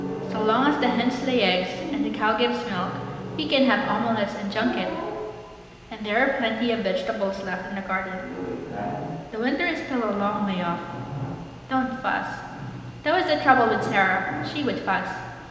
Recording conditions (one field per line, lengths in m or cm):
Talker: one person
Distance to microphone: 1.7 m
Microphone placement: close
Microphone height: 1.0 m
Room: very reverberant, large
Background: television